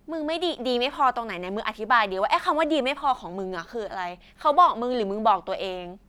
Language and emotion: Thai, angry